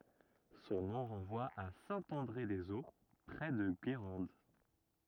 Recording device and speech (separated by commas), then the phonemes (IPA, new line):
rigid in-ear microphone, read sentence
sɔ̃ nɔ̃ ʁɑ̃vwa a sɛ̃ ɑ̃dʁe dez o pʁɛ də ɡeʁɑ̃d